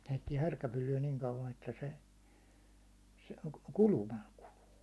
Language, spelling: Finnish, heittää härkäpyllyä niin kauan että se se kulumalla kuluu
- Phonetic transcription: heittiɛ 'härkäpylly₍ä niŋ kauvan että 'se , se "kulumal 'kuluu .

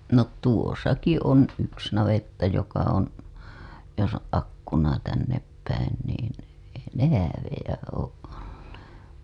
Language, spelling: Finnish, no tuossakin on yksi navetta joka on jos on akkuna tänne päin niin ei ne häävejä ole olleet
- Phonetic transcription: no "tuosaki on 'yks navetta joka on , jos ‿o’ '"akkuna tännep päin niin , ei ne 'häävejä oo’ ’ollee .

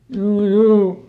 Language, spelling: Finnish, juu juu
- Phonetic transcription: ˈjuu "juu .

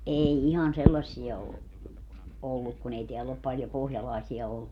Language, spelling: Finnish, ei ihan sellaisia ole ollut kun ei täällä ole paljon pohjalaisia ollut
- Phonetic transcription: 'ʼei 'ihan "sellassia o , 'olluk kun ‿ei 'teäll ‿op paljo 'pohjalàesia ollu .

